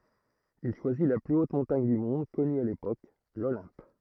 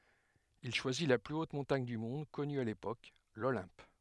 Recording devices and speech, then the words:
throat microphone, headset microphone, read sentence
Il choisit la plus haute montagne du monde connu à l'époque, l'Olympe.

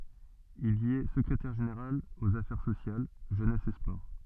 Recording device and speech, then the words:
soft in-ear microphone, read sentence
Il y est secrétaire général aux Affaires sociales, Jeunesse et Sports.

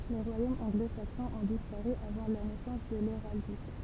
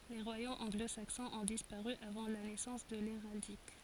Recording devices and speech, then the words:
temple vibration pickup, forehead accelerometer, read sentence
Les royaumes anglo-saxons ont disparu avant la naissance de l'héraldique.

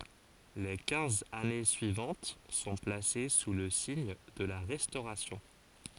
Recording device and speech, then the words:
forehead accelerometer, read sentence
Les quinze années suivantes sont placées sous le signe de la Restauration.

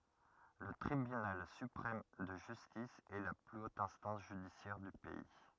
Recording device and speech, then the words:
rigid in-ear microphone, read sentence
Le Tribunal suprême de justice est la plus haute instance judiciaire du pays.

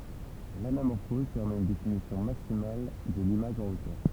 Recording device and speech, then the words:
temple vibration pickup, read sentence
L'anamorphose permet une définition maximale de l'image en hauteur.

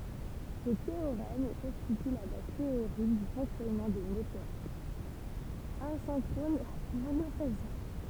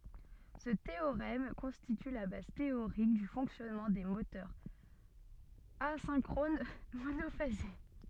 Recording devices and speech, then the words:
temple vibration pickup, soft in-ear microphone, read sentence
Ce théorème constitue la base théorique du fonctionnement des moteurs asynchrones monophasés.

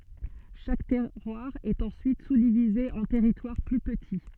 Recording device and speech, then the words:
soft in-ear microphone, read sentence
Chaque terroir est ensuite sous-divisé en territoires plus petits.

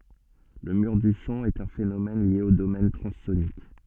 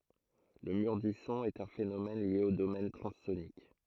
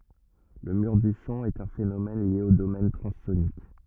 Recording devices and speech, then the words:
soft in-ear microphone, throat microphone, rigid in-ear microphone, read sentence
Le mur du son est un phénomène lié au domaine transsonique.

